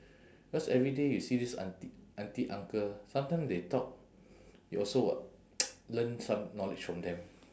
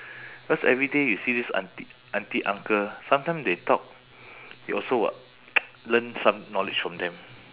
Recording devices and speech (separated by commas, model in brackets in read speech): standing microphone, telephone, conversation in separate rooms